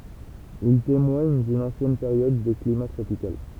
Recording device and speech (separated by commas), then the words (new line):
temple vibration pickup, read sentence
Ils témoignent d'une ancienne période de climat tropical.